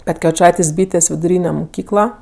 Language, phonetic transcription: Lithuanian, petkeviˈčaitės' ˈbytės' viduˈryne moˈkykla

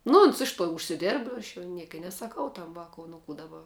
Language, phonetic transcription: Lithuanian, nu ˈons ˈiš to užsiˈdėrb ˈaš jau ˈnieka i nesaˈkau ˈtam ˈvaku nu ˈkų daˈba

